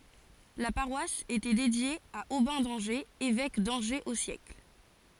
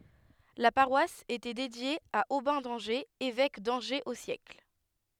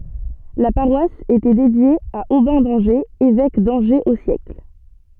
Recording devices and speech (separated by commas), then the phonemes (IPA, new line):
forehead accelerometer, headset microphone, soft in-ear microphone, read sentence
la paʁwas etɛ dedje a obɛ̃ dɑ̃ʒez evɛk dɑ̃ʒez o sjɛkl